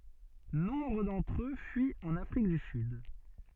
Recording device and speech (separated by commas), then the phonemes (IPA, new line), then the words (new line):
soft in-ear microphone, read sentence
nɔ̃bʁ dɑ̃tʁ ø fyit ɑ̃n afʁik dy syd
Nombre d'entre eux fuient en Afrique du Sud.